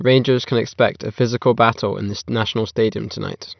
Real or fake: real